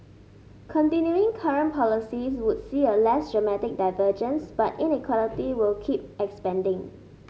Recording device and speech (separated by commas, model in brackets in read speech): mobile phone (Samsung S8), read sentence